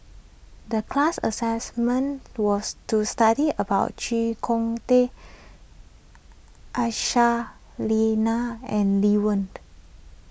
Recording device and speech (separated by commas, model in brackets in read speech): boundary microphone (BM630), read sentence